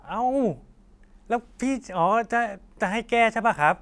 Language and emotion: Thai, neutral